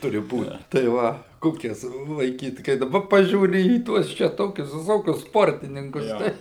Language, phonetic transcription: Lithuanian, ˈturi ˈbūt tai ˈva ˈkokias laiˈkyt kai daˈba ˈpažiūri į ˈtuos čia ˈtokius viˈsokius ˈsportininkus tai

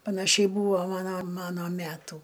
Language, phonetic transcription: Lithuanian, panaˈšiai ˈbūvo ˈmano ˈmano ˈmætų

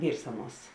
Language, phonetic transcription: Lithuanian, ˈvyrs ˈaˌnuos

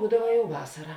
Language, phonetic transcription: Lithuanian, ˈbūdava jau ˈvasara

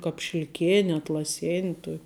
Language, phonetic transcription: Lithuanian, kāp šilˈkėni atlaˈsėni ˈtuok'

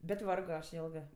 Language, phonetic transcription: Lithuanian, bet ˈvargo ˈaš ˈjėlgɜ

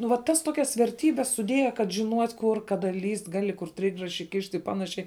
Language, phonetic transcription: Lithuanian, nu vat ˈtas ˈtokias verˈtybes suˈdėja kad žiˈnuot' kur ˈkada lyst' ˈgali kur ˈtrigraši ˈkišt' i ˈpanašiai

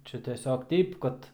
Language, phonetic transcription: Lithuanian, ˈčia teˈsiog ˈteip kad

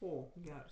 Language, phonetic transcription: Lithuanian, ˈo ˈgers

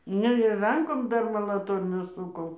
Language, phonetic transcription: Lithuanian, ˈne ir ˈrankom ˈdar malaˈtornių ˈsukom

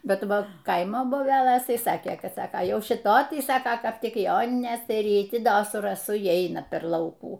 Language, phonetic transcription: Lithuanian, ˈbet ˈva ˈkaimo boˈbelɘs ˈtaiˈsakė ˈkad ˈsako ˈjau šiˈtoj ˈtai ˈsaka ˈkap ˈtik ˈjoninės ir ˈji ˈti ˈdo su raˈsu y ˈeina per ˈlaukų

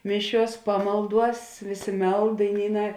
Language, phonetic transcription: Lithuanian, ˈmiˌšiuos ˈpamalˌduos ˈvėˌsė ˈmeld daiˈnyˌnā

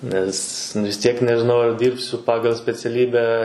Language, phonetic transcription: Lithuanian, ˈnes vis ˈtiek nežiˈnau ar ˈdyrbsiu ˈpagal speciaˈlybę

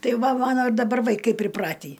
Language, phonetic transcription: Lithuanian, ˈtai ˈva ˈmano i daˈbar vaiˈkai priˈpratį

